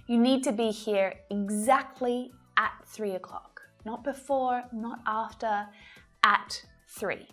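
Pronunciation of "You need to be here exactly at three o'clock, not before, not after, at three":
'At' is stressed here for emphasis and is said with a strong ah vowel sound.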